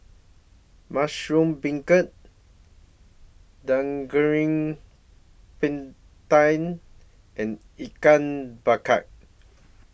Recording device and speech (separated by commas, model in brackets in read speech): boundary microphone (BM630), read sentence